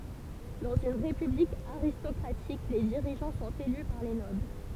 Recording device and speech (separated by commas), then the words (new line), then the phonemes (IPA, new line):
temple vibration pickup, read sentence
Dans une république aristocratique, les dirigeants sont élus par les nobles.
dɑ̃z yn ʁepyblik aʁistɔkʁatik le diʁiʒɑ̃ sɔ̃t ely paʁ le nɔbl